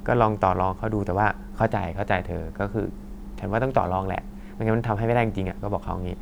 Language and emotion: Thai, neutral